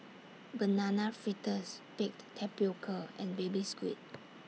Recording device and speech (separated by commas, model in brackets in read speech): mobile phone (iPhone 6), read sentence